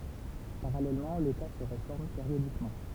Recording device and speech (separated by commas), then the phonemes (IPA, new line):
temple vibration pickup, read sentence
paʁalɛlmɑ̃ leta sə ʁefɔʁm peʁjodikmɑ̃